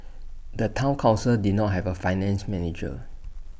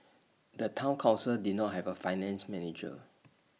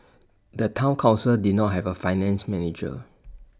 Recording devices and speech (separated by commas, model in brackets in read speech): boundary microphone (BM630), mobile phone (iPhone 6), standing microphone (AKG C214), read sentence